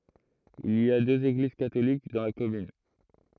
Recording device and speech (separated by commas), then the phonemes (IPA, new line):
throat microphone, read sentence
il i døz eɡliz katolik dɑ̃ la kɔmyn